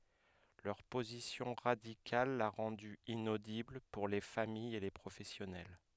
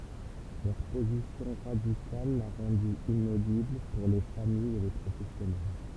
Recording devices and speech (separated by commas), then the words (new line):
headset microphone, temple vibration pickup, read sentence
Leur position radicale l'a rendu inaudible pour les familles et les professionnels.